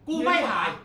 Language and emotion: Thai, angry